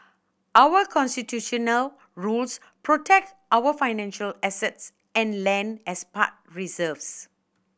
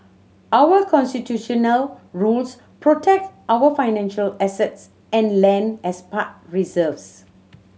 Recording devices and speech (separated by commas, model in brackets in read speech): boundary microphone (BM630), mobile phone (Samsung C7100), read sentence